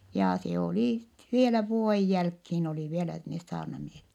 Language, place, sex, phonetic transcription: Finnish, Vittanki, female, ja se olì , vielä vuo₍ej jälkhiin olì vielä nes saarnamiehe(t) .
- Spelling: ja se oli vielä vuoden jälkeen oli vielä ne saarnamiehet

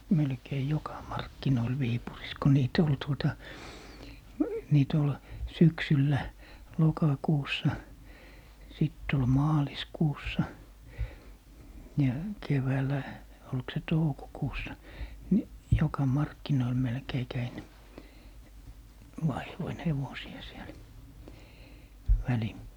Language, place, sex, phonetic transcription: Finnish, Lappee, male, 'melkei "joka 'markkinoil 'Viipuris ko 'niit ‿ol 'tuota , 'nii't ‿ol , "syksyllä , "lokakuussa , 'sitt ‿ol "maaliskuussa , ja 'keväälä , olk se "toukokuussa , ni , 'joka "markkinoil melkei 'käin , 'vaih(v)oin "hevosi₍a siel , 'väli - ,.
- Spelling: melkein joka markkinoilla Viipurissa kun niitä oli tuota niitä oli syksyllä lokakuussa sitten oli maaliskuussa ja keväällä oliko se toukokuussa niin joka markkinoilla melkein kävin vaihdoin hevosia siellä -

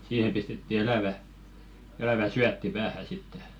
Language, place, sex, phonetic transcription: Finnish, Velkua, male, siihem pistetti 'elä̀vä , elävä "syätti 'päähä sitte .
- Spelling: siihen pistettiin elävä elävä syötti päähän sitten

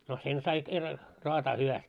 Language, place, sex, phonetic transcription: Finnish, Moloskovitsa, male, no 'sen sai kerra , roataa hyväst .
- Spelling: no sen sai kerran raataa hyvästi

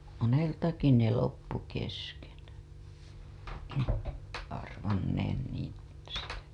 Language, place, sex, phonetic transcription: Finnish, Hailuoto, female, 'moneltaki ne loppu kesken , arvanneen niin̬ , (sitä) .
- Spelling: moneltakin ne loppui kesken arvanneen niin sitä

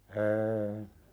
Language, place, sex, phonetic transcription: Finnish, Pälkäne, male, 'ee .
- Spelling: en

